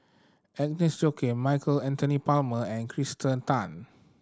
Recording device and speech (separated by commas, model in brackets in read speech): standing microphone (AKG C214), read sentence